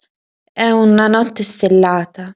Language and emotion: Italian, sad